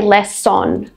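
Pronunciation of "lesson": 'Lesson' is pronounced incorrectly here: the vowel sound in the second syllable is said instead of being reduced to a schwa sound.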